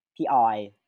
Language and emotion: Thai, neutral